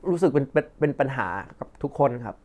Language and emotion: Thai, frustrated